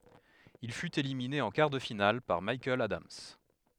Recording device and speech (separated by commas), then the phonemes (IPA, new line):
headset microphone, read sentence
il fyt elimine ɑ̃ kaʁ də final paʁ mikaɛl adams